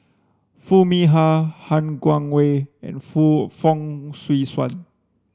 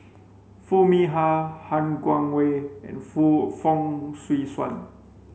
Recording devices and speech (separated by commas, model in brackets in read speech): standing microphone (AKG C214), mobile phone (Samsung C5), read sentence